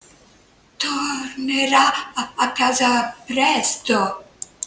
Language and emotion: Italian, fearful